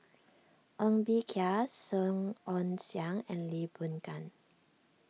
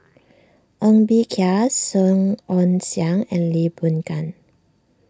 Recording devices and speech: mobile phone (iPhone 6), standing microphone (AKG C214), read sentence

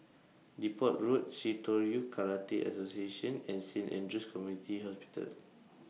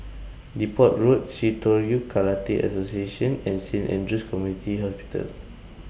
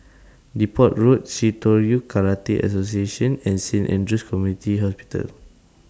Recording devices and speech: mobile phone (iPhone 6), boundary microphone (BM630), standing microphone (AKG C214), read sentence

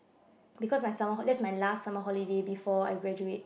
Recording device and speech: boundary microphone, conversation in the same room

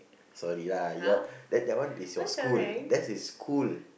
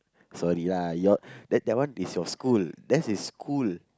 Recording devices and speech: boundary microphone, close-talking microphone, conversation in the same room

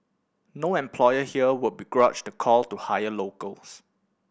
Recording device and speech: boundary microphone (BM630), read sentence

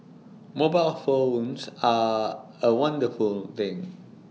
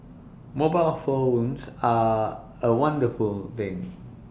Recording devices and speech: mobile phone (iPhone 6), boundary microphone (BM630), read sentence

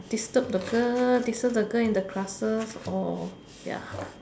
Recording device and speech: standing microphone, conversation in separate rooms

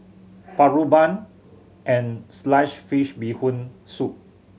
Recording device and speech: mobile phone (Samsung C7100), read sentence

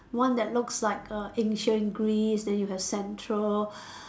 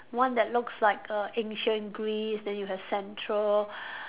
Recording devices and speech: standing microphone, telephone, conversation in separate rooms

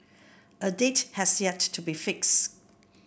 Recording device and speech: boundary microphone (BM630), read sentence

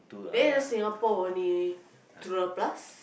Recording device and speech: boundary microphone, conversation in the same room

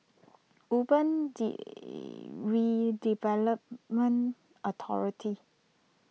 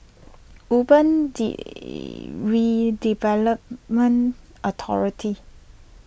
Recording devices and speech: mobile phone (iPhone 6), boundary microphone (BM630), read sentence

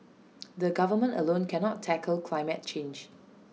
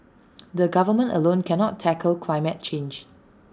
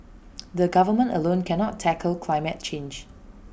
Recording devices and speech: mobile phone (iPhone 6), standing microphone (AKG C214), boundary microphone (BM630), read sentence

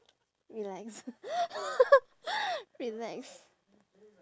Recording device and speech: standing microphone, conversation in separate rooms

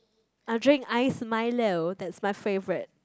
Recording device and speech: close-talking microphone, conversation in the same room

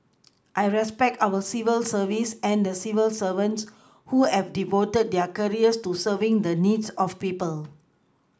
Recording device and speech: close-talking microphone (WH20), read sentence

